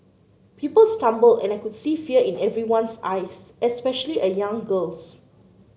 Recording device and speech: mobile phone (Samsung C9), read sentence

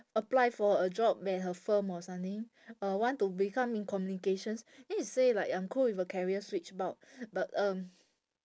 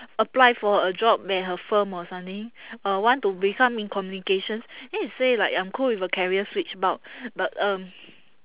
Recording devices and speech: standing microphone, telephone, conversation in separate rooms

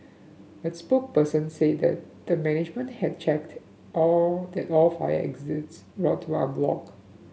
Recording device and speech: mobile phone (Samsung S8), read sentence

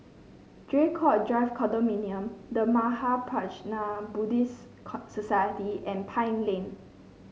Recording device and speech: mobile phone (Samsung C5), read sentence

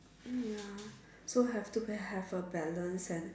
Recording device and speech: standing microphone, conversation in separate rooms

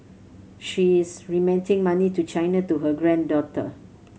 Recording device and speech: mobile phone (Samsung C7100), read sentence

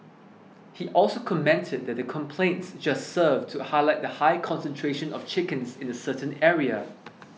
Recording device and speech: mobile phone (iPhone 6), read sentence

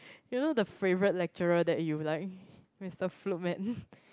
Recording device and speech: close-talking microphone, conversation in the same room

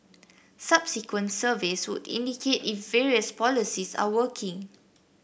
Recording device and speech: boundary microphone (BM630), read sentence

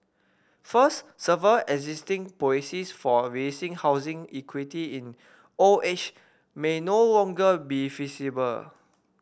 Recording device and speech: boundary microphone (BM630), read sentence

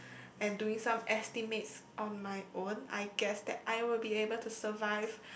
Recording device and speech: boundary microphone, conversation in the same room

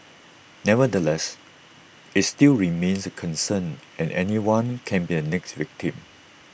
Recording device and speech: boundary microphone (BM630), read sentence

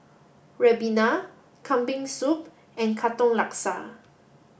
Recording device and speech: boundary microphone (BM630), read sentence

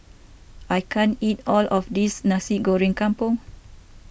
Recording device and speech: boundary microphone (BM630), read sentence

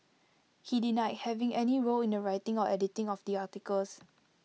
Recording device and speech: mobile phone (iPhone 6), read sentence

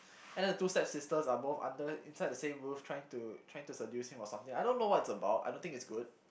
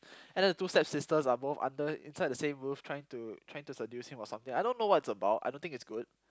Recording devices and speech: boundary microphone, close-talking microphone, conversation in the same room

